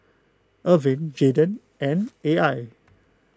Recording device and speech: close-talking microphone (WH20), read sentence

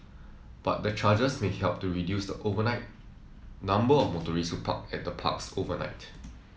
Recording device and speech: mobile phone (iPhone 7), read sentence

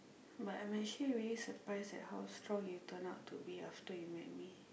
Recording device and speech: boundary microphone, conversation in the same room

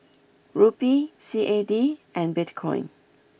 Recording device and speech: boundary microphone (BM630), read sentence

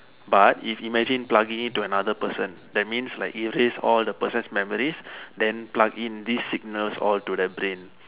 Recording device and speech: telephone, conversation in separate rooms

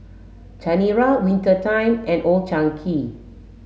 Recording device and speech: mobile phone (Samsung S8), read sentence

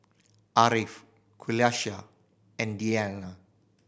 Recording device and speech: boundary microphone (BM630), read sentence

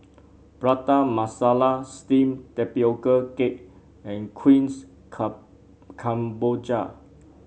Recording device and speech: mobile phone (Samsung C7), read sentence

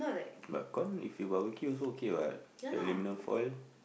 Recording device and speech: boundary microphone, conversation in the same room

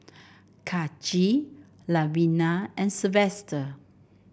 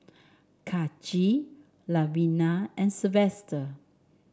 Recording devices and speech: boundary microphone (BM630), standing microphone (AKG C214), read sentence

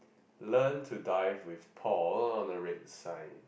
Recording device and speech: boundary microphone, conversation in the same room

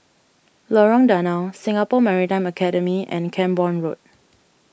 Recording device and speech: boundary microphone (BM630), read sentence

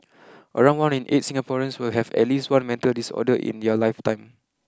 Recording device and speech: close-talking microphone (WH20), read sentence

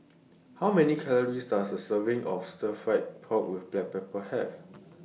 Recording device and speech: mobile phone (iPhone 6), read sentence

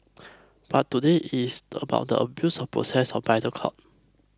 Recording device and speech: close-talking microphone (WH20), read sentence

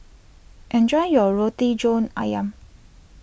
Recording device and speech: boundary microphone (BM630), read sentence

